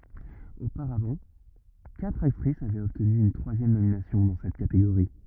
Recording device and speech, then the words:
rigid in-ear microphone, read sentence
Auparavant, quatre actrice avaient obtenu une troisième nomination dans cette catégorie.

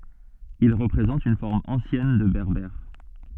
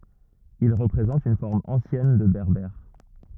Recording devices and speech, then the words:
soft in-ear microphone, rigid in-ear microphone, read sentence
Il représente une forme ancienne de berbère.

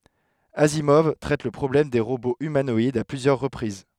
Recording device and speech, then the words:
headset microphone, read sentence
Asimov traite le problème des robots humanoïdes à plusieurs reprises.

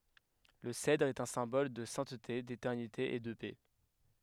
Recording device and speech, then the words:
headset microphone, read sentence
Le cèdre est un symbole de sainteté, d'éternité et de paix.

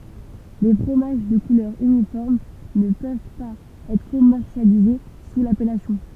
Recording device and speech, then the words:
temple vibration pickup, read sentence
Les fromages de couleur uniforme ne peuvent pas être commercialisés sous l'appellation.

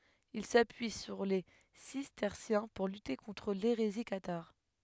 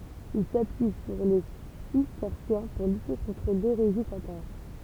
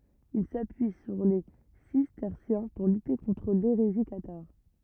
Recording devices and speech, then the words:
headset microphone, temple vibration pickup, rigid in-ear microphone, read sentence
Il s’appuie sur les cisterciens pour lutter contre l’hérésie cathare.

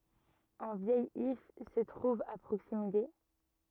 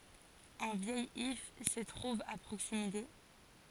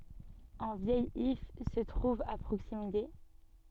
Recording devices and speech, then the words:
rigid in-ear microphone, forehead accelerometer, soft in-ear microphone, read sentence
Un vieil if se trouve à proximité.

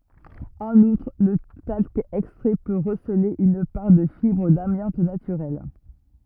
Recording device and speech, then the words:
rigid in-ear microphone, read sentence
En outre, le talc extrait peut receler une part de fibres d'amiante naturelle.

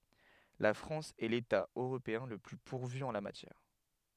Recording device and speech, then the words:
headset microphone, read sentence
La France est l'État européen le plus pourvu en la matière.

